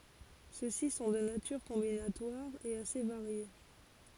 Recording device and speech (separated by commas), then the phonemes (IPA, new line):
forehead accelerometer, read sentence
søksi sɔ̃ də natyʁ kɔ̃binatwaʁ e ase vaʁje